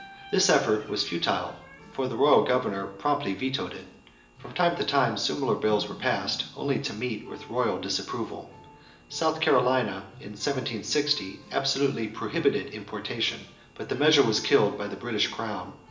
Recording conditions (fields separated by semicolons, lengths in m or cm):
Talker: one person; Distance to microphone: 1.8 m; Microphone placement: close; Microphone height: 1.0 m; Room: large; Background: music